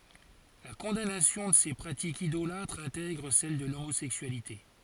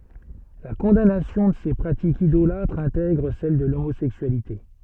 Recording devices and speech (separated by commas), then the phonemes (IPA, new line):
forehead accelerometer, soft in-ear microphone, read sentence
la kɔ̃danasjɔ̃ də se pʁatikz idolatʁz ɛ̃tɛɡʁ sɛl də lomozɛksyalite